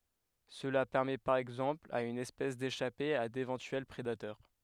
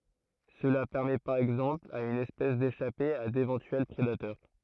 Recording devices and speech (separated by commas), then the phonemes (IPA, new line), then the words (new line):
headset microphone, throat microphone, read sentence
səla pɛʁmɛ paʁ ɛɡzɑ̃pl a yn ɛspɛs deʃape a devɑ̃tyɛl pʁedatœʁ
Cela permet par exemple à une espèce d'échapper à d'éventuels prédateurs.